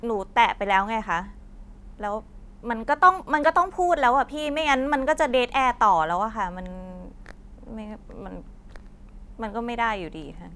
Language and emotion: Thai, frustrated